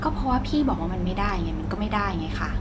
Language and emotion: Thai, frustrated